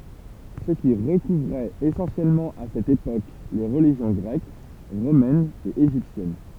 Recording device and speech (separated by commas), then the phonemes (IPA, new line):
temple vibration pickup, read sentence
sə ki ʁəkuvʁɛt esɑ̃sjɛlmɑ̃ a sɛt epok le ʁəliʒjɔ̃ ɡʁɛk ʁomɛn e eʒiptjɛn